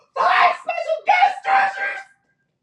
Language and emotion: English, fearful